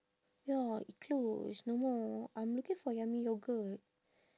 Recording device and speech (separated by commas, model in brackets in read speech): standing microphone, conversation in separate rooms